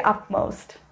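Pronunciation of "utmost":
'Utmost' is pronounced incorrectly here.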